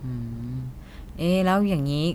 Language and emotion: Thai, neutral